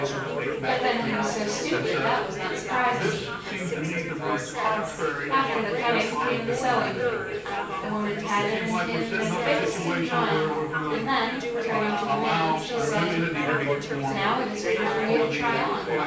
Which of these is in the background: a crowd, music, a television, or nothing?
Crowd babble.